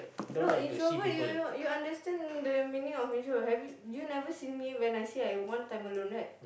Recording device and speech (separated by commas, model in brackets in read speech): boundary microphone, conversation in the same room